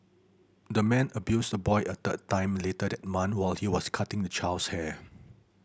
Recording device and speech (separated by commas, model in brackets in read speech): boundary microphone (BM630), read sentence